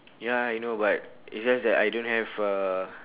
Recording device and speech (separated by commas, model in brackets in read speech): telephone, conversation in separate rooms